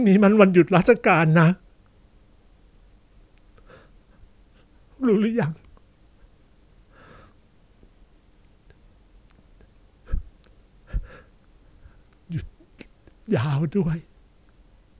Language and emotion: Thai, sad